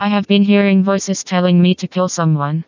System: TTS, vocoder